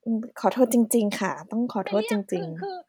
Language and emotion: Thai, sad